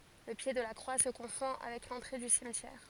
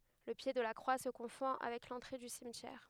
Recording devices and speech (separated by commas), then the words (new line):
forehead accelerometer, headset microphone, read sentence
Le pied de la croix se confond avec l'entrée du cimetière.